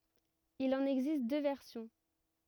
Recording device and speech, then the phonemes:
rigid in-ear microphone, read sentence
il ɑ̃n ɛɡzist dø vɛʁsjɔ̃

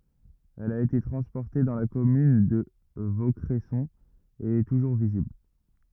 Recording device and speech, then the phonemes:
rigid in-ear microphone, read sentence
ɛl a ete tʁɑ̃spɔʁte dɑ̃ la kɔmyn də vokʁɛsɔ̃ e ɛ tuʒuʁ vizibl

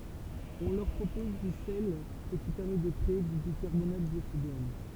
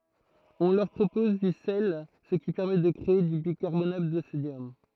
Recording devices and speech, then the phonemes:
temple vibration pickup, throat microphone, read sentence
ɔ̃ lœʁ pʁopɔz dy sɛl sə ki pɛʁmɛ də kʁee dy bikaʁbonat də sodjɔm

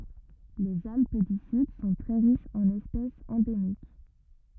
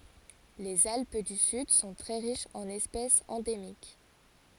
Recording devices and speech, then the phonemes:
rigid in-ear microphone, forehead accelerometer, read sentence
lez alp dy syd sɔ̃ tʁɛ ʁiʃz ɑ̃n ɛspɛsz ɑ̃demik

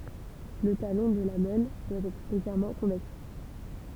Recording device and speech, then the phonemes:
temple vibration pickup, read sentence
lə talɔ̃ də la mœl dwa ɛtʁ leʒɛʁmɑ̃ kɔ̃vɛks

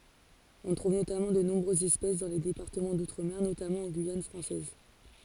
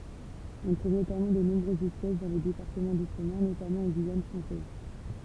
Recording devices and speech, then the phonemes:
forehead accelerometer, temple vibration pickup, read sentence
ɔ̃ tʁuv notamɑ̃ də nɔ̃bʁøzz ɛspɛs dɑ̃ le depaʁtəmɑ̃ dutʁəme notamɑ̃ ɑ̃ ɡyijan fʁɑ̃sɛz

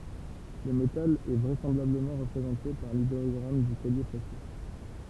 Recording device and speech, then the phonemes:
temple vibration pickup, read sentence
lə metal ɛ vʁɛsɑ̃blabləmɑ̃ ʁəpʁezɑ̃te paʁ lideɔɡʁam dy kɔlje pʁesjø

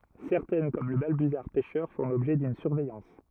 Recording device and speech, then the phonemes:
rigid in-ear microphone, read sentence
sɛʁtɛn kɔm lə balbyzaʁ pɛʃœʁ fɔ̃ lɔbʒɛ dyn syʁvɛjɑ̃s

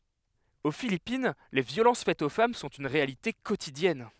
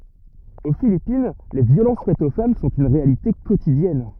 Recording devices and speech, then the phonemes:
headset microphone, rigid in-ear microphone, read sentence
o filipin le vjolɑ̃s fɛtz o fam sɔ̃t yn ʁealite kotidjɛn

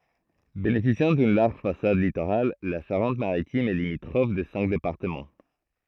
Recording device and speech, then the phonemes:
throat microphone, read sentence
benefisjɑ̃ dyn laʁʒ fasad litoʁal la ʃaʁɑ̃t maʁitim ɛ limitʁɔf də sɛ̃k depaʁtəmɑ̃

